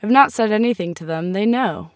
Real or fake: real